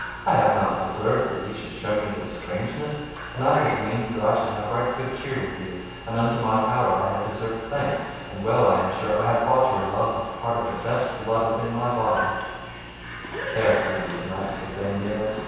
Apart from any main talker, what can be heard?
A television.